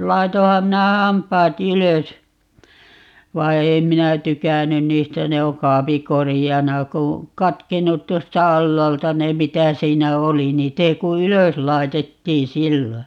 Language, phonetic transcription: Finnish, 'laitoham 'minä 'hamp̀aa"t ‿ylös , 'vai̮ "ei 'minä "tykänyn 'niistä - 'ne o 'kaapi "korijana ku , 'katkennut 'tuosta "allaalta 'ne mitä 'siinä "oli - 'niit ‿ei ku "ylös 'lai̮tettiin̬ "sillo .
- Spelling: laitoinhan minä hampaat ylös vaan ei minä tykännyt niistä ne on kaapin koreana kun katkennut tuosta alhaalta ne mitä siinä oli niitä ei kuin ylös laitettiin silloin

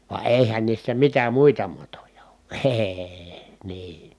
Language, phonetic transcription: Finnish, va èihän niissä mitä muita matoja OO E₍EE , nii .
- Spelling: vaan eihän niissä mitä muita matoja ole ei niin

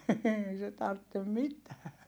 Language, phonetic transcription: Finnish, eei se tarttem mitää .
- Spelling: ei se tarvitse mitään

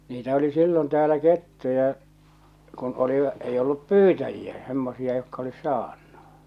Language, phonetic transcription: Finnish, 'niitä oli 'sillon täälä "kettuja , kun olivᵃ , 'ei ollup "pyytäjiä , semmosia jokka olis̆ 'saannᴜ .
- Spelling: niitä oli silloin täällä kettuja kun oli ei ollut pyytäjiä semmoisia jotka olisi saanut

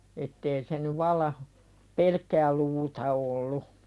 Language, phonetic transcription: Finnish, ettee se ny 'valla , "pelkkää luuta ollu .
- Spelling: että ei se nyt vallan pelkkää luuta ollut

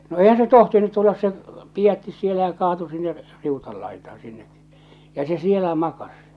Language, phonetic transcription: Finnish, no 'eihän se 'tohtinut tullas se , 'pijättis sielä ja 'kaatu sinne , r- , 'riutal laitaaa̰ sinne , ja se 'sielä 'makas .
- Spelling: no eihän se tohtinut tulla se pidätti siellä ja kaatui sinne - riutan laitaan sinne ja se siellä makasi

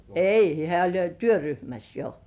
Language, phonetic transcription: Finnish, ei , hĕä̀ oĺ jo "työryhmäs 'jo .
- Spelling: ei hän oli jo työryhmässä jo

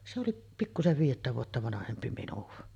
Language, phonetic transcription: Finnish, se oliˀ , 'pikkusev viijettä vuotta "vanahempi 'minuᵛa .
- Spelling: se oli pikkuisen viidettä vuotta vanhempi minua

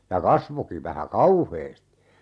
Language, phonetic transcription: Finnish, ja 'kasvoki vähä "kauheesti !
- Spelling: ja kasvoikin vähän kauheasti

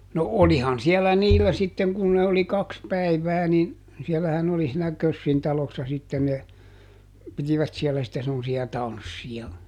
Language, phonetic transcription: Finnish, no "olihan ˈsiɛllä "niillä sitten ˈkun ne oli ˈkaks ˈpäivää nin , ˈsiellähän oli siinä "Kössin talossa sitten ne , ˈpitivät siellä sⁱtte semmosi₍a "tanssiʲa .
- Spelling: no olihan siellä niillä sitten kun ne oli kaksi päivää niin siellähän oli siinä Kössin talossa sitten ne pitivät siellä sitten semmoisia tansseja

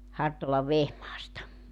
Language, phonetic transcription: Finnish, 'Hartolav "Vehmaasta .
- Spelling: Hartolan Vehmaasta

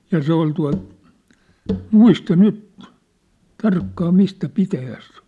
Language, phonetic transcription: Finnish, ja 'se ‿ol tua̭lt , "muista "nyt , "tarkkaa "mistä "pitäjäs se ‿oʿˡʾ .
- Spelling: ja se oli tuolta muista nyt tarkkaan mistä pitäjästä se oli

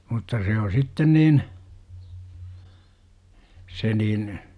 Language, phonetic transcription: Finnish, mutta se o 'sitten niin , 'se niin ,.
- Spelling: mutta se on sitten niin se niin

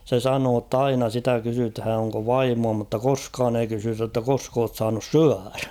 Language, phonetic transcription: Finnish, 'se "sanoo ‿tt ‿'aina 'sitä kysythä̀ oŋko ''vaimua mutta ''koskaan ‿ei kysytä ‿ttä 'kosk ‿oot saanus "syäʀᴀ̈ .
- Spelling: se sanoi että aina sitä kysytään onko vaimoa mutta koskaan ei kysytä että koska olet saanut syödä

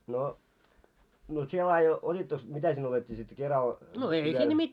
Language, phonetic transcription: Finnish, no , no 'sie laaje 'ot́ittoks , 'mitä sinne otettii sit 'keral , viel .
- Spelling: no no sinä laadi otittekos mitä sinne otettiin sitten keralla vielä

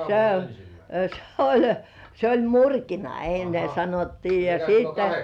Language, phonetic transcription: Finnish, (se) , s ‿oĺ , se oĺ "murkina enne 'sanottii ja siittä .
- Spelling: se se oli se oli murkina ennen sanottiin ja sitten

